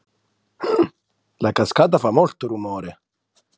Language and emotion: Italian, surprised